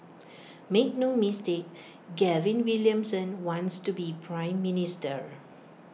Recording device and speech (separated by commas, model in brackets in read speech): mobile phone (iPhone 6), read sentence